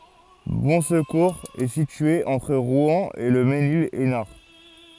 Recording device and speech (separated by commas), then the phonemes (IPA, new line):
forehead accelerometer, read sentence
bɔ̃skuʁz ɛ sitye ɑ̃tʁ ʁwɛ̃ e lə menil ɛsnaʁ